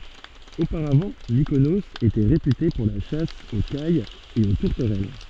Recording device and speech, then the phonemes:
soft in-ear microphone, read sentence
opaʁavɑ̃ mikonoz etɛ ʁepyte puʁ la ʃas o kajz e o tuʁtəʁɛl

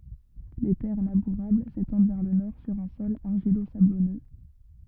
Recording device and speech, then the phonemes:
rigid in-ear microphone, read sentence
le tɛʁ labuʁabl setɑ̃d vɛʁ lə nɔʁ syʁ œ̃ sɔl aʁʒilozablɔnø

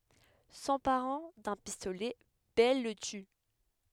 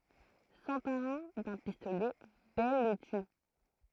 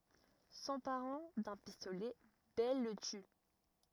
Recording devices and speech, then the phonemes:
headset microphone, throat microphone, rigid in-ear microphone, read sentence
sɑ̃paʁɑ̃ dœ̃ pistolɛ bɛl lə ty

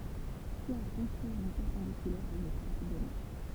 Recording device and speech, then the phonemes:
temple vibration pickup, read sentence
swa a kɔ̃stʁyiʁ yn pɛʁpɑ̃dikylɛʁ a yn dʁwat dɔne

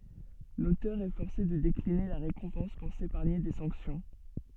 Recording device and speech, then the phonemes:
soft in-ear microphone, read sentence
lotœʁ ɛ fɔʁse də dekline la ʁekɔ̃pɑ̃s puʁ sepaʁɲe de sɑ̃ksjɔ̃

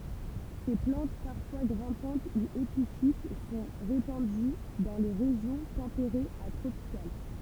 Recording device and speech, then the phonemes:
temple vibration pickup, read sentence
se plɑ̃t paʁfwa ɡʁɛ̃pɑ̃t u epifit sɔ̃ ʁepɑ̃dy dɑ̃ le ʁeʒjɔ̃ tɑ̃peʁez a tʁopikal

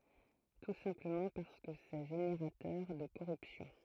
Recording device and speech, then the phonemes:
throat microphone, read sentence
tu sɛ̃pləmɑ̃ paʁskə sɛ ʒeneʁatœʁ də koʁypsjɔ̃

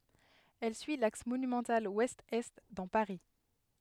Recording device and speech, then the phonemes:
headset microphone, read sentence
ɛl syi laks monymɑ̃tal wɛstɛst dɑ̃ paʁi

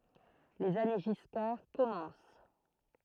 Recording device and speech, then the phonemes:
throat microphone, read sentence
lez ane ʒiskaʁ kɔmɑ̃s

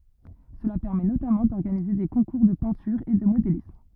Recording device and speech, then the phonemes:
rigid in-ear microphone, read sentence
səla pɛʁmɛ notamɑ̃ dɔʁɡanize de kɔ̃kuʁ də pɛ̃tyʁ e də modelism

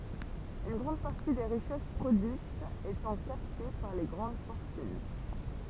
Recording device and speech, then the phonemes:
temple vibration pickup, read sentence
yn ɡʁɑ̃d paʁti de ʁiʃɛs pʁodyitz etɑ̃ kapte paʁ le ɡʁɑ̃d fɔʁtyn

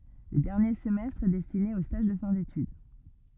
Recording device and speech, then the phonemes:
rigid in-ear microphone, read sentence
lə dɛʁnje səmɛstʁ ɛ dɛstine o staʒ də fɛ̃ detyd

